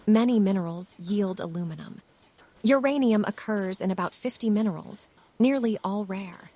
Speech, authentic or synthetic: synthetic